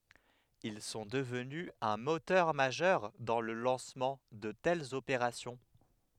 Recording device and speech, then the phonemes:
headset microphone, read sentence
il sɔ̃ dəvny œ̃ motœʁ maʒœʁ dɑ̃ lə lɑ̃smɑ̃ də tɛlz opeʁasjɔ̃

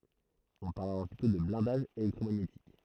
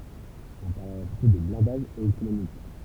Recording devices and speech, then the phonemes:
throat microphone, temple vibration pickup, read sentence
ɔ̃ paʁl alɔʁ plytɔ̃ də blɛ̃daʒ elɛktʁomaɲetik

